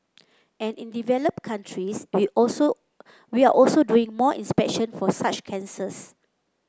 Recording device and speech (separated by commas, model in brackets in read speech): close-talking microphone (WH30), read sentence